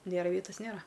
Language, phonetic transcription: Lithuanian, ˈnėra ˈvietas ˈnėra

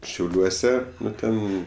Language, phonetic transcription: Lithuanian, šiauˈliuose ˈnu ˈten

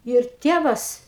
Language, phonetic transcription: Lithuanian, jau ir ˈtėvas

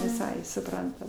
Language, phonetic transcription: Lithuanian, viˈsai suˈprantam

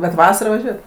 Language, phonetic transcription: Lithuanian, bet ˈvasarą vaˈžiuojat

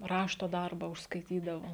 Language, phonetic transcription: Lithuanian, ˈrašto ˈdarba užskaiˈtydavo

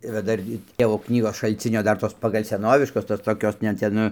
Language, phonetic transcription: Lithuanian, yˈra ˈdar gi ˈtėvo ˈknygos šalˈcinio ˈdar tos pagal' seˈnoviškos tos toˈkios ne ˈten nu

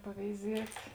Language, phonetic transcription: Lithuanian, paveiˈziet'

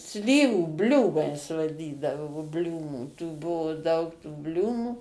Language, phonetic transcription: Lithuanian, ˈslyvų ˈbliūmais vaˈdydavo ˈbliūmų tų ˈbuvu daug tų ˈbliūmų

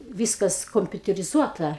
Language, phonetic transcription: Lithuanian, ˈvyskas kompiuteriˈzuota

